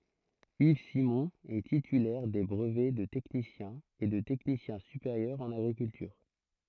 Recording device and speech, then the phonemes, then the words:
throat microphone, read sentence
iv simɔ̃ ɛ titylɛʁ de bʁəvɛ də tɛknisjɛ̃ e də tɛknisjɛ̃ sypeʁjœʁ ɑ̃n aɡʁikyltyʁ
Yves Simon est titulaire des brevets de technicien et de technicien supérieur en agriculture.

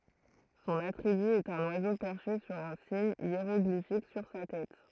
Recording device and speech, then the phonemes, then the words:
throat microphone, read sentence
sɔ̃n atʁiby ɛt œ̃n wazo pɛʁʃe syʁ œ̃ siɲ jeʁɔɡlifik syʁ sa tɛt
Son attribut est un oiseau perché sur un signe hiéroglyphique sur sa tête.

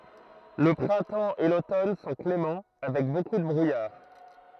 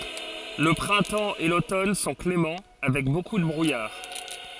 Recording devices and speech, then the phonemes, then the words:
throat microphone, forehead accelerometer, read sentence
lə pʁɛ̃tɑ̃ e lotɔn sɔ̃ klemɑ̃ avɛk boku də bʁujaʁ
Le printemps et l'automne sont cléments, avec beaucoup de brouillard.

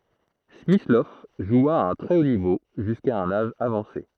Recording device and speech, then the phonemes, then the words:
throat microphone, read sentence
smislɔv ʒwa a œ̃ tʁɛ o nivo ʒyska œ̃n aʒ avɑ̃se
Smyslov joua à un très haut niveau jusqu'à un âge avancé.

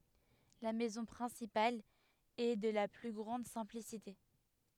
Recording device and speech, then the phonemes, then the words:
headset microphone, read sentence
la mɛzɔ̃ pʁɛ̃sipal ɛ də la ply ɡʁɑ̃d sɛ̃plisite
La maison principale est de la plus grande simplicité.

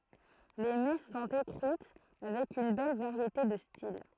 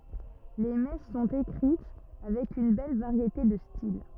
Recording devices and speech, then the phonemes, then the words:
throat microphone, rigid in-ear microphone, read sentence
le mɛs sɔ̃t ekʁit avɛk yn bɛl vaʁjete də stil
Les messes sont écrites avec une belle variété de style.

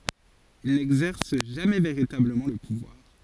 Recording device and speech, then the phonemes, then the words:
forehead accelerometer, read sentence
il nɛɡzɛʁs ʒamɛ veʁitabləmɑ̃ lə puvwaʁ
Il n'exerce jamais véritablement le pouvoir.

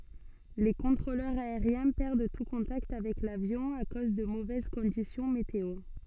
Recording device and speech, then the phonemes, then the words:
soft in-ear microphone, read sentence
le kɔ̃tʁolœʁz aeʁjɛ̃ pɛʁd tu kɔ̃takt avɛk lavjɔ̃ a koz də movɛz kɔ̃disjɔ̃ meteo
Les contrôleurs aériens perdent tout contact avec l'avion à cause de mauvaises conditions météo.

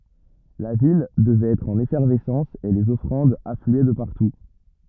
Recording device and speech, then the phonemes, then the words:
rigid in-ear microphone, read sentence
la vil dəvɛt ɛtʁ ɑ̃n efɛʁvɛsɑ̃s e lez ɔfʁɑ̃dz aflyɛ də paʁtu
La ville devait être en effervescence et les offrandes affluaient de partout.

